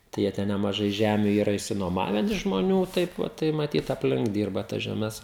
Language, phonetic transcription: Lithuanian, tai ˈjie ten nemaˈžai ˈžæmiu ˈyra išsinuoˈmaven iš žmoˈnių ˈtaip vat tai maˈtyt apˈlink ˈdyrba tas žeˈmes

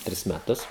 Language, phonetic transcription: Lithuanian, ˈtris meˈtus

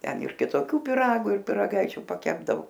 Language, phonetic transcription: Lithuanian, ˈten ir kitoˈkiu piˈragu ir piraˈgaičiu paˈkepdavu

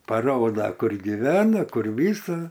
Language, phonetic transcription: Lithuanian, paˈroda ˈkur giˈvena ˈkur ˈvysa

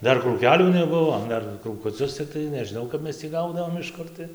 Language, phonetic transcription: Lithuanian, ˈdar krūˈkeˈlių neˈbuvo ˈdar krūkuˈcius cikˈtai nežiˈnau kap ˈmes tį ˈgaudavom iš ˈkur tai

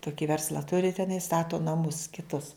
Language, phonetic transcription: Lithuanian, ˈtuki ˈversla turi teˈnai ˈstato naˈmus kiˈtus

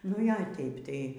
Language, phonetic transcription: Lithuanian, nu ˈjo ˈteip ˈtai

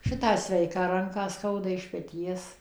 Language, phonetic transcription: Lithuanian, ˈšitą ˈsveiką ˈranką ˈskauda iš peˈties

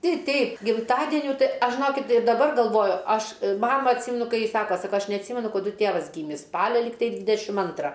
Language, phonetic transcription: Lithuanian, ˈtei ˈteip gimˈtadenių ˈtai ˈaš žiˈnokit ir daˈbar galˈvoju ˈaš ˈmama atˈsymenu ˈkai ˈji ˈsako saˈko ˈaš neatˈsymenu kaˈdu ˈtėvas ˈgymis ˈspalia ˈligtai ˈdvidešim ˈantra

